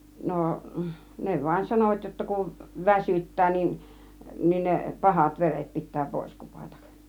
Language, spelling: Finnish, no ne vain sanoivat jotta kun väsyttää niin niin ne pahat veret pitää pois kupata
- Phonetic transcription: 'nò , 'ne vaĭn 'sanovat jotta kun , "väsyt̀tää nin , 'nin ne "pahat 'veret pit̆tää "pòis 'kupatak .

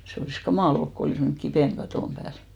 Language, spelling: Finnish, se olisi kamala ollut kun olisi mennyt kipinä katon päälle
- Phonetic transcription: 'se olìs "kamàl ‿olk ko 'olìs mennʸk "kipèn 'katòm pääl .

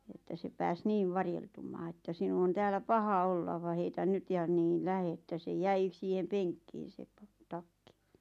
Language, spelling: Finnish, että se pääsi niin varjeltumaan että sinun on täällä paha olla vaan heitä nyt ja niin lähde että se jäi siihen penkkiin se - takki
- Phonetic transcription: että se 'pääs "niiv 'varjeltummaa että » 'sinu on 'täälä "paha "olla va heitän 'nyt ja niin "lähe « että se "jäi , 'siihem "peŋkkiin̬ se 'pa- "takki .

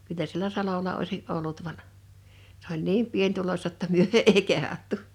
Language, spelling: Finnish, kyllä siellä salolla olisi ollut vaan se oli niin pienituloista jotta me ei kehdattu
- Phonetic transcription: 'kyllä sielä 'salola oisi’ '’ollut van , s ‿oĺ "niim 'pieńtulośta ‿tta 'myö 'èi 'kehattu .

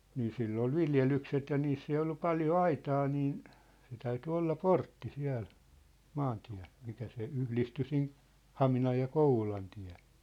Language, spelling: Finnish, niin sillä oli viljelykset ja niissä ei ollut paljon aitaa niin se täytyi olla portti siellä maantiellä mikä se yhdistyi sinne Haminan ja Kouvolan tiehen
- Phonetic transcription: nii 'sill ‿ol "viljelykset ja 'niiss ‿ei 'ollu 'paljo "aitaa niin , 'se täyty 'olla "portti 'siä̭l , 'maantiä̭l , mikä se 'yhlisty sin , "Haminaj ja "Kouvolan tɪᴀ̭̈h(ᴇɴ) .

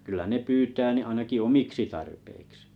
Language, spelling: Finnish, kyllä ne pyytää niin ainakin omiksi tarpeiksi
- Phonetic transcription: kyllä ne 'pyytää ni 'ainaki "omiksi tarpeiksɪ .

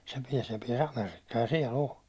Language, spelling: Finnish, se pääsi se pääsi Amerikkaan ja siellä on
- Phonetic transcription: se 'piɛs se piɛ's ‿Amerikkaa ja siɛ'l ‿o .

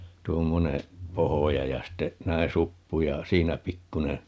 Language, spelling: Finnish, tuommoinen pohja ja sitten näin suppu ja siinä pikkuinen
- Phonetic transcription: 'tuommoneè , "pohoja ja ste , 'näin̬ "suppu ja , 'siinä 'pikkune , .

